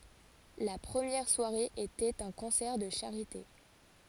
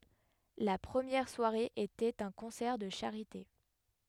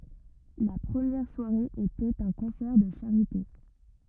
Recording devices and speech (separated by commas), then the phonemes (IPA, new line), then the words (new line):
forehead accelerometer, headset microphone, rigid in-ear microphone, read sentence
la pʁəmjɛʁ swaʁe etɛt œ̃ kɔ̃sɛʁ də ʃaʁite
La première soirée était un concert de charité.